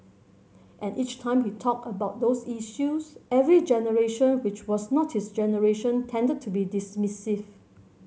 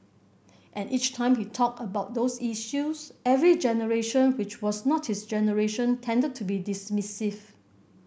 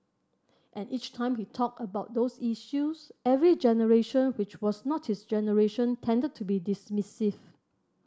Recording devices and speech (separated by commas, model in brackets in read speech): mobile phone (Samsung C7100), boundary microphone (BM630), standing microphone (AKG C214), read sentence